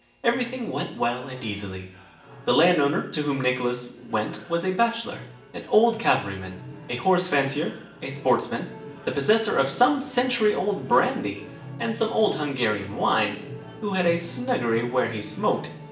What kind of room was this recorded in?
A large space.